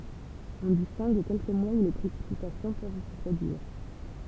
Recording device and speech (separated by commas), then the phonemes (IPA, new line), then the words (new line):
temple vibration pickup, read sentence
ɔ̃ distɛ̃ɡ kɛlkə mwaz u le pʁesipitasjɔ̃ pøv sə pʁodyiʁ
On distingue quelques mois où les précipitations peuvent se produire.